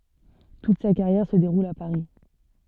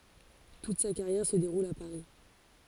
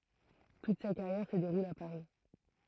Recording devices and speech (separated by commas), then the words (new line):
soft in-ear microphone, forehead accelerometer, throat microphone, read sentence
Toute sa carrière se déroule à Paris.